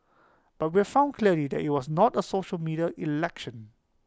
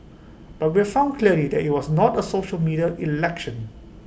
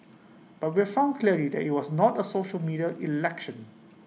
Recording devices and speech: close-talking microphone (WH20), boundary microphone (BM630), mobile phone (iPhone 6), read sentence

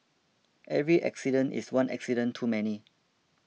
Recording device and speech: mobile phone (iPhone 6), read sentence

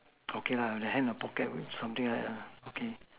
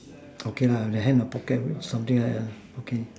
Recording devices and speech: telephone, standing microphone, conversation in separate rooms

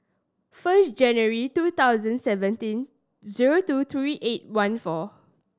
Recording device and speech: standing microphone (AKG C214), read sentence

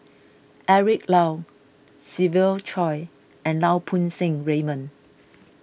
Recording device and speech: boundary microphone (BM630), read sentence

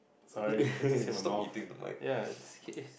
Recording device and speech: boundary microphone, conversation in the same room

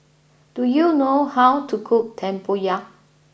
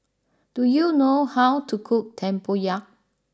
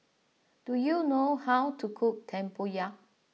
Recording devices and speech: boundary microphone (BM630), standing microphone (AKG C214), mobile phone (iPhone 6), read sentence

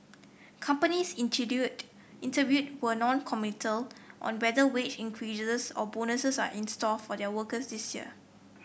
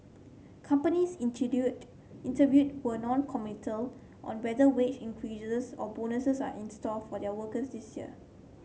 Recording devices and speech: boundary microphone (BM630), mobile phone (Samsung C7), read sentence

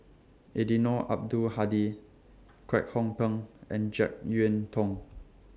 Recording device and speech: standing microphone (AKG C214), read sentence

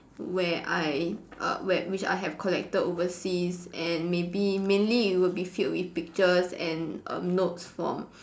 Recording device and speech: standing microphone, conversation in separate rooms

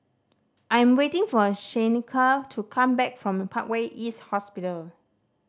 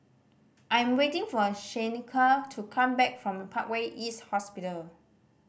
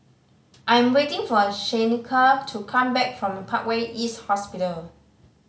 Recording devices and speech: standing microphone (AKG C214), boundary microphone (BM630), mobile phone (Samsung C5010), read sentence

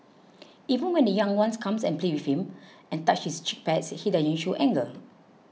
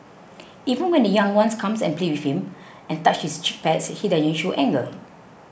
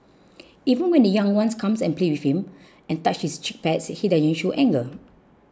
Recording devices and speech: mobile phone (iPhone 6), boundary microphone (BM630), close-talking microphone (WH20), read sentence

